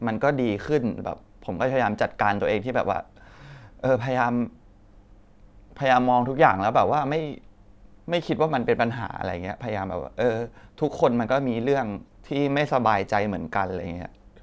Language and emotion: Thai, sad